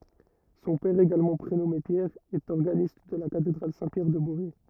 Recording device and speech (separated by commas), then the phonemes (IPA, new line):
rigid in-ear microphone, read sentence
sɔ̃ pɛʁ eɡalmɑ̃ pʁenɔme pjɛʁ ɛt ɔʁɡanist də la katedʁal sɛ̃ pjɛʁ də bovɛ